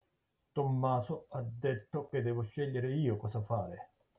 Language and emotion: Italian, angry